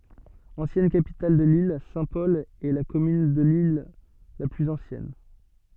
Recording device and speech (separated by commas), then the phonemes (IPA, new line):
soft in-ear microphone, read sentence
ɑ̃sjɛn kapital də lil sɛ̃tpɔl ɛ la kɔmyn də lil la plyz ɑ̃sjɛn